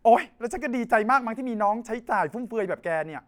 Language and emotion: Thai, frustrated